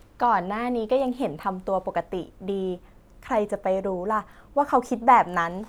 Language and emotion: Thai, neutral